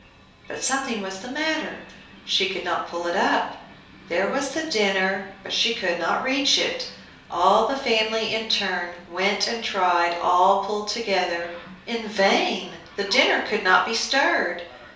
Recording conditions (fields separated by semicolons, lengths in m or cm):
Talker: one person; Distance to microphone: 3.0 m; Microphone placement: far; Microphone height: 1.8 m; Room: small (3.7 m by 2.7 m); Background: television